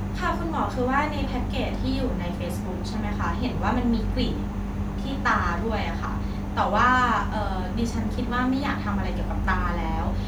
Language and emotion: Thai, neutral